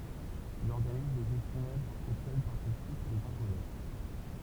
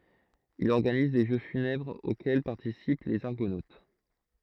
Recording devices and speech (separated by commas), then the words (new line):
temple vibration pickup, throat microphone, read sentence
Il organise des jeux funèbres auxquels participent les Argonautes.